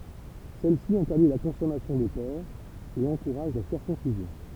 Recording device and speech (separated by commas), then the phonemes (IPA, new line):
temple vibration pickup, read sentence
sɛlsi ɛ̃tɛʁdi la kɔ̃sɔmasjɔ̃ də pɔʁk e ɑ̃kuʁaʒ la siʁkɔ̃sizjɔ̃